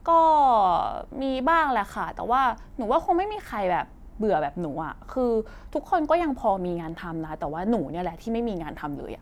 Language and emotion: Thai, frustrated